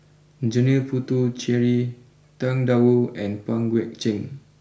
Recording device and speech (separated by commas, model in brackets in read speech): boundary microphone (BM630), read sentence